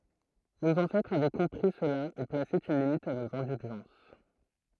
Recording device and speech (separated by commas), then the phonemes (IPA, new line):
throat microphone, read sentence
noz ɑ̃sɛtʁz avɛ kɔ̃pʁi səla e plase yn limit a noz ɛ̃dylʒɑ̃s